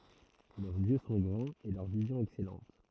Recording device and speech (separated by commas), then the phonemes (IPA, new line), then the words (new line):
throat microphone, read sentence
lœʁz jø sɔ̃ ɡʁɑ̃z e lœʁ vizjɔ̃ ɛksɛlɑ̃t
Leurs yeux sont grands et leur vision excellente.